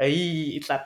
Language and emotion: Thai, happy